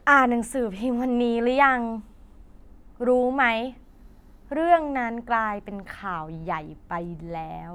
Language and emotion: Thai, neutral